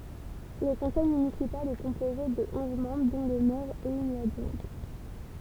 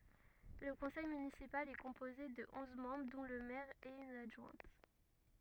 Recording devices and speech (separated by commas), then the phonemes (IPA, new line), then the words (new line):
temple vibration pickup, rigid in-ear microphone, read sentence
lə kɔ̃sɛj mynisipal ɛ kɔ̃poze də ɔ̃z mɑ̃bʁ dɔ̃ lə mɛʁ e yn adʒwɛ̃t
Le conseil municipal est composé de onze membres dont le maire et une adjointe.